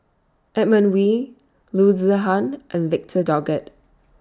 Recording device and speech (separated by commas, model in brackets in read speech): standing microphone (AKG C214), read sentence